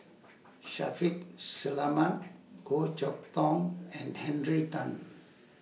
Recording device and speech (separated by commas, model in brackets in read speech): mobile phone (iPhone 6), read sentence